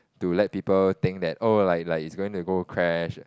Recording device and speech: close-talking microphone, conversation in the same room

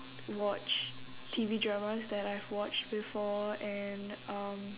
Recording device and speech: telephone, conversation in separate rooms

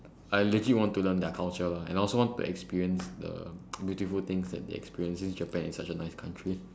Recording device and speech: standing microphone, conversation in separate rooms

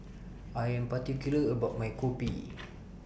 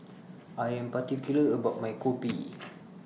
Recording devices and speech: boundary microphone (BM630), mobile phone (iPhone 6), read sentence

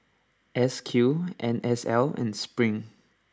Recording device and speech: standing microphone (AKG C214), read sentence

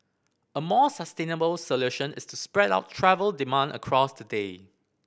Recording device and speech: boundary microphone (BM630), read sentence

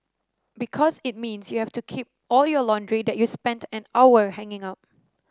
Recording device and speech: standing microphone (AKG C214), read sentence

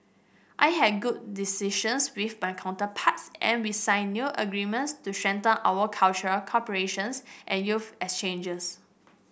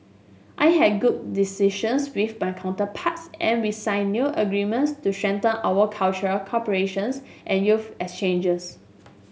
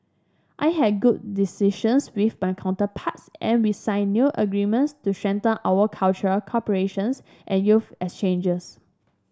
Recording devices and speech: boundary microphone (BM630), mobile phone (Samsung S8), standing microphone (AKG C214), read sentence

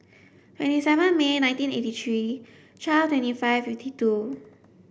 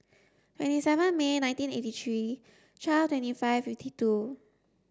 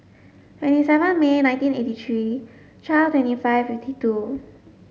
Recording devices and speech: boundary microphone (BM630), standing microphone (AKG C214), mobile phone (Samsung S8), read sentence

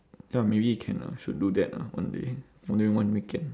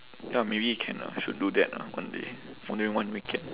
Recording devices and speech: standing microphone, telephone, conversation in separate rooms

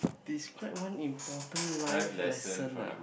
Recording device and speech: boundary microphone, conversation in the same room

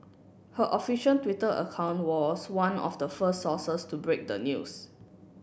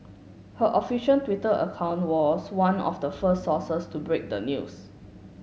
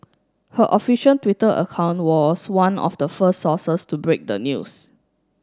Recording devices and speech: boundary microphone (BM630), mobile phone (Samsung S8), standing microphone (AKG C214), read sentence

